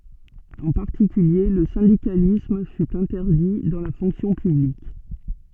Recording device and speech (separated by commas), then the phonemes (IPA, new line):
soft in-ear microphone, read sentence
ɑ̃ paʁtikylje lə sɛ̃dikalism fy ɛ̃tɛʁdi dɑ̃ la fɔ̃ksjɔ̃ pyblik